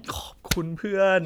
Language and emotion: Thai, happy